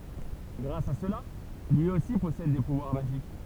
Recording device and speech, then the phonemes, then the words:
temple vibration pickup, read sentence
ɡʁas a səla lyi osi pɔsɛd de puvwaʁ maʒik
Grâce à cela, lui aussi possède des pouvoirs magiques.

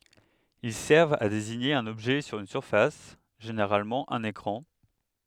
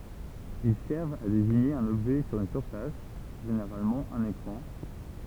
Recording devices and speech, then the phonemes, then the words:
headset microphone, temple vibration pickup, read sentence
il sɛʁvt a deziɲe œ̃n ɔbʒɛ syʁ yn syʁfas ʒeneʁalmɑ̃ œ̃n ekʁɑ̃
Ils servent à désigner un objet sur une surface — généralement un écran.

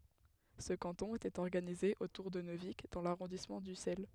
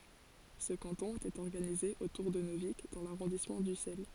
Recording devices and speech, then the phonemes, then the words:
headset microphone, forehead accelerometer, read sentence
sə kɑ̃tɔ̃ etɛt ɔʁɡanize otuʁ də nøvik dɑ̃ laʁɔ̃dismɑ̃ dysɛl
Ce canton était organisé autour de Neuvic dans l'arrondissement d'Ussel.

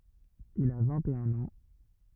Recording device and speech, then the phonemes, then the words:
rigid in-ear microphone, read sentence
il a vɛ̃t e œ̃n ɑ̃
Il a vingt-et-un ans.

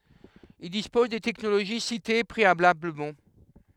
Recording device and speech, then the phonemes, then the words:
headset microphone, read sentence
il dispoz de tɛknoloʒi site pʁealabləmɑ̃
Ils disposent des technologies citées préalablement.

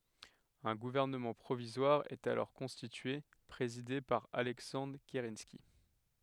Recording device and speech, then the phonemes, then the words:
headset microphone, read sentence
œ̃ ɡuvɛʁnəmɑ̃ pʁovizwaʁ ɛt alɔʁ kɔ̃stitye pʁezide paʁ alɛksɑ̃dʁ kəʁɑ̃ski
Un gouvernement provisoire est alors constitué, présidé par Alexandre Kerensky.

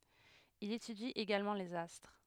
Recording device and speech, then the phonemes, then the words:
headset microphone, read sentence
il etydi eɡalmɑ̃ lez astʁ
Il étudie également les astres.

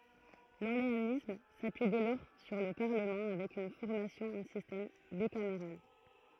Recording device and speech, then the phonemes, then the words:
throat microphone, read sentence
lɔʁleanism sapyi dɛ lɔʁ syʁ lə paʁləmɑ̃ avɛk yn fɔʁmasjɔ̃ ɑ̃ sistɛm bikameʁal
L’orléanisme s’appuie dès lors sur le Parlement avec une formation en système bicaméral.

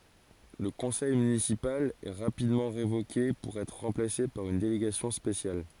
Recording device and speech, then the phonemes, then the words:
forehead accelerometer, read sentence
lə kɔ̃sɛj mynisipal ɛ ʁapidmɑ̃ ʁevoke puʁ ɛtʁ ʁɑ̃plase paʁ yn deleɡasjɔ̃ spesjal
Le conseil municipal est rapidement révoqué pour être remplacé par une délégation spéciale.

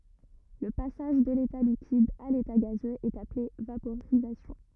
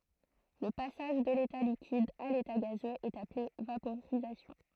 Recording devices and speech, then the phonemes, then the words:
rigid in-ear microphone, throat microphone, read sentence
lə pasaʒ də leta likid a leta ɡazøz ɛt aple vapoʁizasjɔ̃
Le passage de l'état liquide à l'état gazeux est appelé vaporisation.

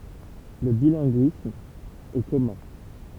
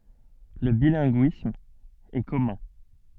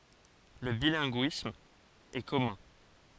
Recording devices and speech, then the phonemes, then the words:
temple vibration pickup, soft in-ear microphone, forehead accelerometer, read sentence
lə bilɛ̃ɡyism ɛ kɔmœ̃
Le bilinguisme est commun.

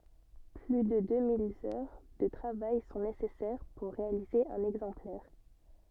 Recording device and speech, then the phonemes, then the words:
soft in-ear microphone, read sentence
ply də dø mil œʁ də tʁavaj sɔ̃ nesɛsɛʁ puʁ ʁealize œ̃n ɛɡzɑ̃plɛʁ
Plus de deux mille heures de travail sont nécessaires pour réaliser un exemplaire.

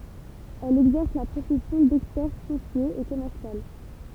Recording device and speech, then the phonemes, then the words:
temple vibration pickup, read sentence
ɛl ɛɡzɛʁs la pʁofɛsjɔ̃ dɛkspɛʁt fɔ̃sje e kɔmɛʁsjal
Elle exerce la profession d'experte foncier et commercial.

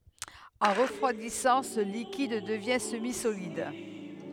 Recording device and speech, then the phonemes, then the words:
headset microphone, read sentence
ɑ̃ ʁəfʁwadisɑ̃ sə likid dəvjɛ̃ səmizolid
En refroidissant, ce liquide devient semi-solide.

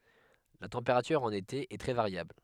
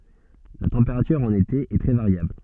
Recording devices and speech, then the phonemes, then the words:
headset microphone, soft in-ear microphone, read sentence
la tɑ̃peʁatyʁ ɑ̃n ete ɛ tʁɛ vaʁjabl
La température en été est très variable.

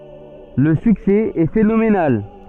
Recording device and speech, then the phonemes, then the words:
soft in-ear microphone, read sentence
lə syksɛ ɛ fenomenal
Le succès est phénoménal.

